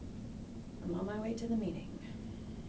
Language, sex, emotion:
English
female
neutral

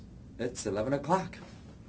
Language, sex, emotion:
English
male
neutral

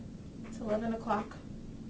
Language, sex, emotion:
English
female
neutral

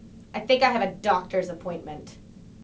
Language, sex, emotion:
English
female
disgusted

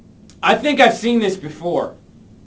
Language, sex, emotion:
English
male
neutral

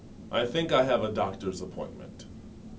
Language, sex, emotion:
English
male
neutral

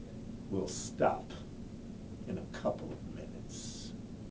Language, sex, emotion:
English
male
disgusted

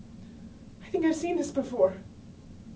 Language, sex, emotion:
English
female
fearful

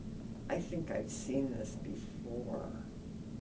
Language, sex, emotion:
English
female
neutral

